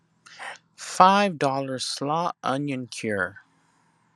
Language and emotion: English, angry